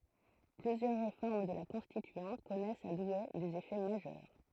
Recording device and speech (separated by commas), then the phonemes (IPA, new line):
throat microphone, read sentence
plyzjœʁ ʁefɔʁm də la kɔ̃stityɑ̃t kɔnɛst a dwe dez efɛ maʒœʁ